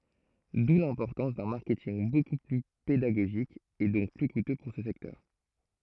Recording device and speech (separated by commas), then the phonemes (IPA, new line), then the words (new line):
throat microphone, read sentence
du lɛ̃pɔʁtɑ̃s dœ̃ maʁkɛtinɡ boku ply pedaɡoʒik e dɔ̃k ply kutø puʁ sə sɛktœʁ
D'où l'importance d'un marketing beaucoup plus pédagogique et donc plus coûteux pour ce secteur.